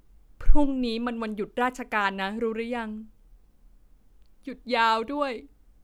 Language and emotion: Thai, sad